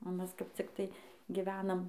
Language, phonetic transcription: Lithuanian, o ˈmes kap ˈciktai giˈvenam

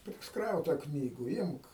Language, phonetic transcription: Lithuanian, prisˈkrauta ˈknygu ˈimk

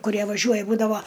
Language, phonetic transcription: Lithuanian, kuˈrie vaˈžiuoja ˈbūdavo

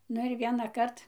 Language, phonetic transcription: Lithuanian, ˈnu ir ˌvienaˈkart

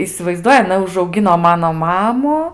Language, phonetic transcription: Lithuanian, isivaizˈduoji aˈna užauˈgino ˈmano ˈmamu

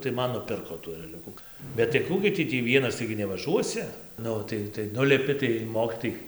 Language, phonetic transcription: Lithuanian, tai ˈman nuˈpirko tų ereˈliuku bet tai ˈkų gi ˈtį tį ˈvienas ˈtaigi nevaˈžuosi ˈnu tai tai ˈnulipi tai ˈmokitojai

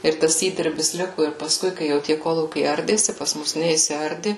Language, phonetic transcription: Lithuanian, ir ˈtas ˈįdirbis ˈliku ir pasˈkui ˈkai jau tie ˈkolūkiai ˈardėsi pas ˈmus neisiˈardi

